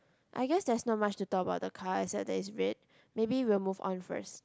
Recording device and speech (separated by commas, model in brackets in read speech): close-talking microphone, conversation in the same room